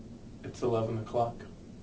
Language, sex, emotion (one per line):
English
male
neutral